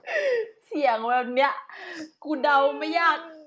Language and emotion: Thai, happy